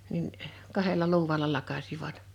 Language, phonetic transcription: Finnish, nin , 'kahela 'luuẁala 'lakasivat .
- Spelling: niin kahdella luudalla lakaisivat

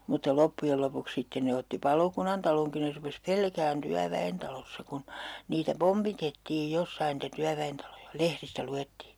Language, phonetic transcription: Finnish, mutta 'loppujel 'lopuks sitten 'ne otti "palokunantaloŋki ne 'rupes "pelkään 'tyävä₍entalossa kun , niitä "pompitettiij 'jossain niitä 'tyävä₍entaloja , "lehristä 'lu₍ettii .
- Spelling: mutta loppujen lopuksi sitten ne otti palokunnantalonkin ne rupesi pelkäämään työväentalossa kun niitä pompitettiin jossakin niitä työväentaloja lehdistä luettiin

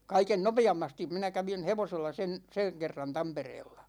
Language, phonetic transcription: Finnish, 'kaiken "nope₍ammastim 'minä 'kävin̬ 'hevosella sen , 'seŋ 'kerran "Tampereella .
- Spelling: kaiken nopeammasti minä kävin hevosella sen sen kerran Tampereella

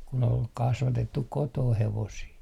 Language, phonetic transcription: Finnish, kun ‿ol 'kasvatettuk "kotooh 'hevosii .
- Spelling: kun oli kasvatettu kotona hevosia

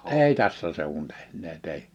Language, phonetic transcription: Finnish, èi 'tässä sèuwun tᴇhǹee't ‿èi .
- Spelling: ei tässä seuduin tehneet ei

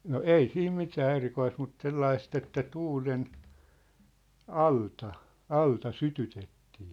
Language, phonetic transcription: Finnish, no "ei siim 'mitää 'erikoist mut 'sellaist ‿että 'tuulen , "alta , "alta "sytytettii .
- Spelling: no ei siinä mitään erikoista mutta sellaista että tuulen alta alta sytytettiin

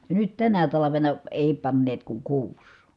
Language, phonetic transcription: Finnish, ja nyt tänä talavena , èi panneet kuŋ kuus .
- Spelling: ja nyt tänä talvena ei panneet kuin kuusi

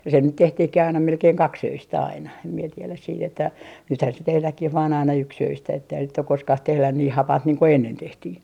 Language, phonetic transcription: Finnish, se nyt 'tehtihkih aina 'melkeiŋ "kaks₍öistä aina , em mie 'tieläs siit ‿että , 'nythän se "tehläkkih vaan aina "yks₍öistä etteihäs sit ‿ok "koskah 'tehlän nii "hapant niiŋ ko 'ennen 'tehtii .
- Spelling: se nyt tehtiinkin aina melkein kaksiöistä aina en minä tiedä sitten että nythän se tehdäänkin vain aina yksiöistä että eihän sitten ole koskaan tehty niin hapanta niin kuin ennen tehtiin

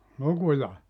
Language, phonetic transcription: Finnish, "lukuja ?
- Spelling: lukuja

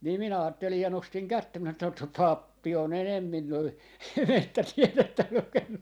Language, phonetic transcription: Finnish, nii minä 'aattelij ja 'nostiŋ 'kättä minä ('sanon että) » 'sot sot "pappi on 'enemmin noi 'mettätielettä lukennu » .
- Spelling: niin minä ajattelin ja nostin kättä minä sanoin että sot sot pappi on enemmin noin metsätiedettä lukenut

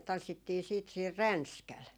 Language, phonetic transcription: Finnish, 'tanssittii siit siir "Ränskäl .
- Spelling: tanssittiin sitten siinä Ränskällä

